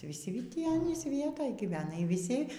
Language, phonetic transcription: Lithuanian, vyˈsi ˈtį ˈanys ˈvietoj gyˈvena y vyˈsi

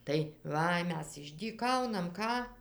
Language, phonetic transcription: Lithuanian, tai ˈva ˈmes išdyˈkaunam ˈką

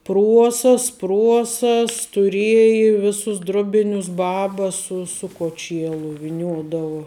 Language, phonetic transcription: Lithuanian, ˈpruosas ˈpruosas tuˈrieji ˈvisus ˈdruˌbinius ˈbaba ˈsu su koˈčielu viˈniuodavu

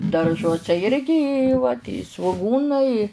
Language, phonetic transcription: Lithuanian, darˈžuose ˈirgi i va svuˈgūnai i

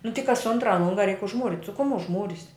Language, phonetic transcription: Lithuanian, nu ti kas ˈuntra ˈlunga reik užˈmūrit' su kum užˈmūris'

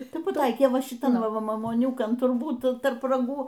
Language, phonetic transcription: Lithuanian, ˈtai paˈtaikė ˈva šiˈtan ˈva mamuoˈniukan turˈbūt tarp raˈgų

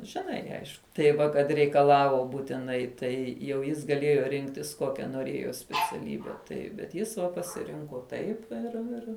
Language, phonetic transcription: Lithuanian, žiˈnai ˈaišku tai ˈva kad reikaˈlavo būtiˈnai ˈtai jau ˈjis gaˈlėjo ˈrinktis ˈkokia noˈrėjo speciaˈlybe ˈtaip bet ˈjis va pasiˈrinko ˈtaip ir ˈir

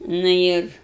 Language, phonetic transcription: Lithuanian, nu ˈir

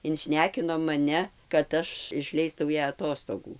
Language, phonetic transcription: Lithuanian, inˈšnekino maˈne kad ˈaš išˈleistau ˈją aˈtostogų

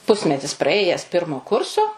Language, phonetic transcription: Lithuanian, ˈpusmetis praˈėjes ˈpirmo ˈkurso

